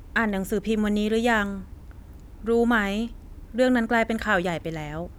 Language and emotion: Thai, neutral